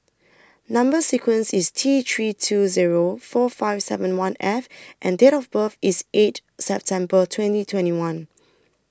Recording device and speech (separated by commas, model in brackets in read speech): standing microphone (AKG C214), read sentence